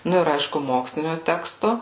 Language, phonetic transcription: Lithuanian, ˈnu ir ˈaišku ˈmokslinio ˈteksto

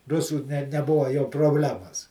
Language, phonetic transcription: Lithuanian, ˈrusų ne neˈbuva jau probˈlemas

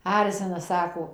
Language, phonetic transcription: Lithuanian, ˈarzina ˈsako

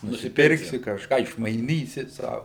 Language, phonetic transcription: Lithuanian, nusiˈpirksi kažˈką išmaiˈnysi ˈsau

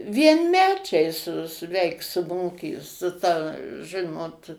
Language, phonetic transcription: Lithuanian, vienˈmečiai su su ˈveik su ˈmoky su ˈta ˈžɨnot

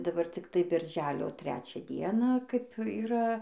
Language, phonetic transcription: Lithuanian, daˈbar cikˈtai birˈželio ˈtrečią ˈdieną kaip yˈra

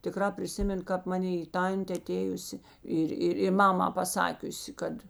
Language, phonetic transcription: Lithuanian, tiˈkrā priˈsimėn kāp maˈnė i ˈtantė aˈtėjusi ˈir ˈiri ˈmamā paˈsakiusi ˈkad

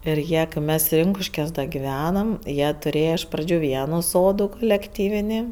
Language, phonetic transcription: Lithuanian, ir ˈjie kɜ ˈmes ˈrinkuškiuos da giˈvenam ˈjie tuˈrėja iš ˈpradžiu ˈvienų ˈsodų kulekˈtyvini

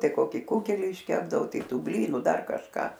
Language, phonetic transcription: Lithuanian, ˈtai ˈkoki ˈkugeli išˈkepdavo ˈtai ˈtų ˈblynu ˈdar kažˈką

